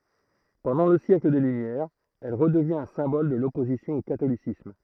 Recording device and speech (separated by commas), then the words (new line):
throat microphone, read sentence
Pendant le siècle des Lumières, elle redevient un symbole de l'opposition au catholicisme.